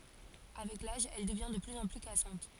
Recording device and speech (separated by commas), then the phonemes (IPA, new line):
forehead accelerometer, read sentence
avɛk laʒ ɛl dəvjɛ̃ də plyz ɑ̃ ply kasɑ̃t